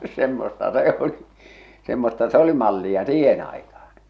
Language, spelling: Finnish, semmoista se oli semmoista se oli mallia siihen aikaan
- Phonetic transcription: semmosta "se ‿o̭li , semmosta 'se ‿°li 'mallia "siihen ‿aikaan̬ .

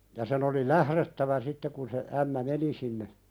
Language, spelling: Finnish, ja sen oli lähdettävä sitten kun se ämmä meni sinne
- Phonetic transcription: ja sen ‿oli "lähðettävä 'sitte kun se , ämmä "meni sinne ,.

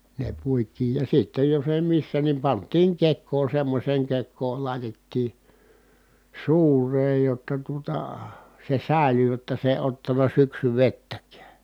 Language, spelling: Finnish, ne puitiin ja sitten jos ei missä niin pantiin kekoon semmoiseen kekoon laitettiin suureen jotta tuota se säilyi jotta se ei ottanut syksyvettäkään
- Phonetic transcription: ne puit̀iij ja sittej jos èi missä ni pant̀iiŋ kek̆koo semmośeeŋ kek̆kool lài̮tettii , sùureej jotta tuota , se sä̀ely jotta se èⁱ ottana syksyvettäkää .

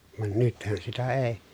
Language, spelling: Finnish, vaan nythän sitä ei
- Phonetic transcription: van nythän sitä èi̮ .

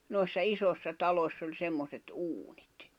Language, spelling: Finnish, noissa isoissa taloissa oli semmoiset uunit
- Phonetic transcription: noi̬ssa 'isossa 'talośs ‿oĺ 'semmoset "’uuɴɪt .

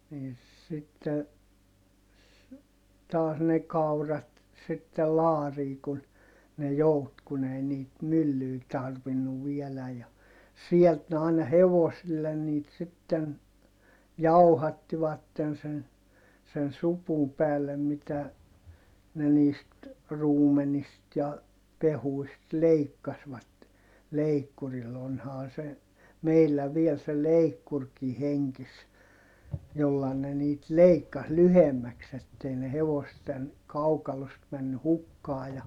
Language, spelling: Finnish, niin sitten taas ne kaurat sitten laariin kun ne joutui kun ei niitä myllyä tarvinnut vielä ja sieltä ne aina hevosille niitä sitten jauhattivat sen sen supun päällä mitä ne niistä ruumenista ja pehkuista leikkasivat leikkurilla onhan se meillä vielä se leikkurikin hengissä jolla ne niitä leikkasi lyhyemmäksi että ei ne hevosten kaukalosta mennyt hukkaan ja
- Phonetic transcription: niin sitte , taas ne kaurat sittel laarii kun , ne jout kun ‿ei niit myllyy tarvinnuv vieläj ja , siɛlt ne àina hevosillen niit sitten , jauhattivatten sen , sen supum päällä mitä , ne niist , ruumenist ja , pehuist leikkasvat , leikkuril - onhaa se , meillä viel se leikkurkii heŋkis , jolla ne niit leikkas lyhemmäks ‿ettei ne hevosten , kaukalost männy hukkaa ja , .

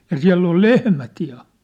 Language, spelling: Finnish, ja siellä oli lehmät ja
- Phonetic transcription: ja 'siä̭ll ‿ol "lehmät ja .

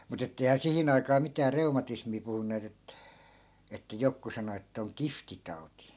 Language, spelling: Finnish, mutta että eihän siihen aikaa mitään reumatismia puhuneet - että joku sanoi että on kihtitauti
- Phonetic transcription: mu't ‿ettei̮hää 'sihin ‿aikaa 'mitää 'reumatismii puhunneet ‿et- , että 'jokku sano ettᵃ̈ oŋ "kiftitau̬ti .

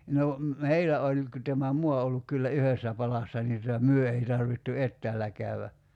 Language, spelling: Finnish, no meillä oli kun tämä maa on ollut kyllä yhdessä palassa niin tuota me ei tarvittu etäällä käydä
- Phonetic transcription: no , "meilä oĺ , ku tämä "mua o olluk kyllä "yhessä 'palassa nii tuta "myö ei 'tarvittu "ettäällä käy₍ä .

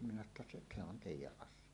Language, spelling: Finnish, minä sanoi jotta se se on teidän asia
- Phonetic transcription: minä sano ‿tta » seˀ , se ‿on "tèij̆jäˀ 'ˀas̆sie « .

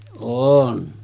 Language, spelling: Finnish, olen
- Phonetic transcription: 'oon .

